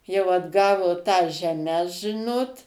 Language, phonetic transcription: Lithuanian, jau atˈgavo tas žeˈmes ˈžinot

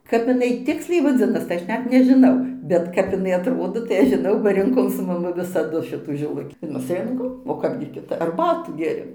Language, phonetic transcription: Lithuanian, kap iˈnai ˈtiksliai vaˈdzinas tai ˈaš ˈnet nežiˈnau bet ˈkap iˈnai atˈrodo tai ˈaš žiˈnau ba rinˈkom su maˈmu visaˈdu ˈšitų žiˈlukį mes ˈrinkom o ˈkapgi kiˈtap arˈbatų ˈgėˈrėm

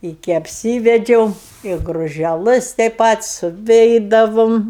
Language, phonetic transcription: Lithuanian, iki apˈsyvedžiau i gružeˈlɜs tei ˈpat suˈveidavom

